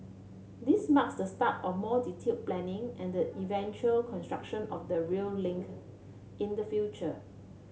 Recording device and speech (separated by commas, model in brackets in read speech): mobile phone (Samsung C7), read sentence